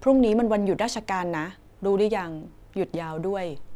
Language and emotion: Thai, neutral